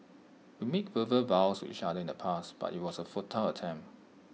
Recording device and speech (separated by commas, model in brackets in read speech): mobile phone (iPhone 6), read sentence